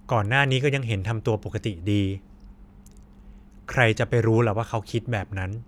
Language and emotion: Thai, neutral